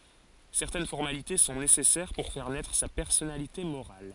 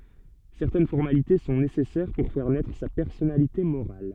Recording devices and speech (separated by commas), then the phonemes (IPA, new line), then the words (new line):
forehead accelerometer, soft in-ear microphone, read sentence
sɛʁtɛn fɔʁmalite sɔ̃ nesɛsɛʁ puʁ fɛʁ nɛtʁ sa pɛʁsɔnalite moʁal
Certaines formalités sont nécessaires pour faire naître sa personnalité morale.